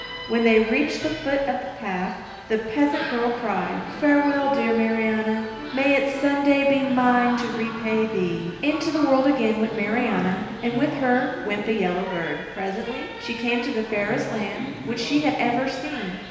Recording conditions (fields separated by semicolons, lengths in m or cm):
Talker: one person; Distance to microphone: 1.7 m; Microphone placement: close; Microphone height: 1.0 m; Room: very reverberant, large; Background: television